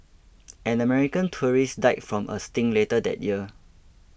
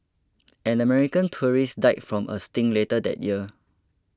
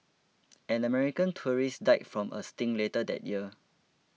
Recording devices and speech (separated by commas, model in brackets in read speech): boundary microphone (BM630), close-talking microphone (WH20), mobile phone (iPhone 6), read sentence